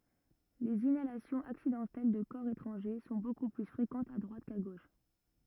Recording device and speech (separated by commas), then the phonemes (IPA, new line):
rigid in-ear microphone, read sentence
lez inalasjɔ̃z aksidɑ̃tɛl də kɔʁ etʁɑ̃ʒe sɔ̃ boku ply fʁekɑ̃tz a dʁwat ka ɡoʃ